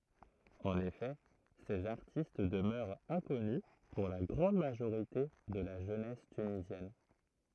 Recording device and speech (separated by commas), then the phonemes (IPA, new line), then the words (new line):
throat microphone, read sentence
ɑ̃n efɛ sez aʁtist dəmœʁt ɛ̃kɔny puʁ la ɡʁɑ̃d maʒoʁite də la ʒønɛs tynizjɛn
En effet, ces artistes demeurent inconnus pour la grande majorité de la jeunesse tunisienne.